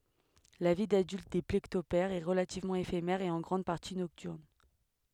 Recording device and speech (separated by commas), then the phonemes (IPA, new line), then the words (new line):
headset microphone, read sentence
la vi dadylt de plekɔptɛʁz ɛ ʁəlativmɑ̃ efemɛʁ e ɑ̃ ɡʁɑ̃d paʁti nɔktyʁn
La vie d'adulte des plécoptères est relativement éphémère et en grande partie nocturne.